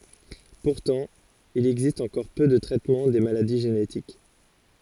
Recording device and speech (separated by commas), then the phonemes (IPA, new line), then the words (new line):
forehead accelerometer, read sentence
puʁtɑ̃ il ɛɡzist ɑ̃kɔʁ pø də tʁɛtmɑ̃ de maladi ʒenetik
Pourtant, il existe encore peu de traitement des maladies génétiques.